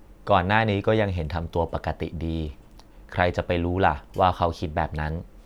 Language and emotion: Thai, neutral